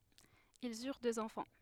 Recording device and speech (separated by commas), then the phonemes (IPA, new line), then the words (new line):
headset microphone, read sentence
ilz yʁ døz ɑ̃fɑ̃
Ils eurent deux enfants.